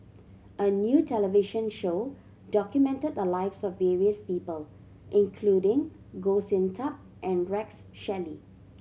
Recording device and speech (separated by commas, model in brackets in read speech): mobile phone (Samsung C7100), read sentence